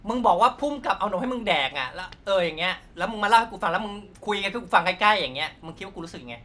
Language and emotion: Thai, angry